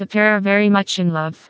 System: TTS, vocoder